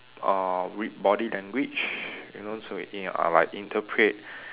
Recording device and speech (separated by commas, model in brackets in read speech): telephone, conversation in separate rooms